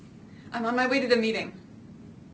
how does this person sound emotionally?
neutral